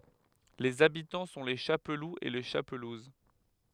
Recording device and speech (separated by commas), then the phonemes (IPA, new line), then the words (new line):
headset microphone, read sentence
lez abitɑ̃ sɔ̃ le ʃapluz e le ʃapluz
Les habitants sont les Chapeloux et les Chapelouses.